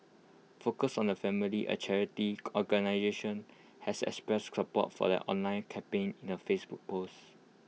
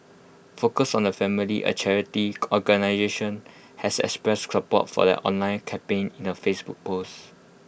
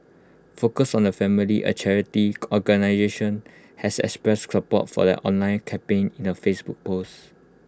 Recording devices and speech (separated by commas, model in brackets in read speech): mobile phone (iPhone 6), boundary microphone (BM630), close-talking microphone (WH20), read sentence